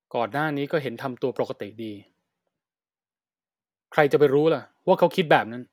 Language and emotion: Thai, angry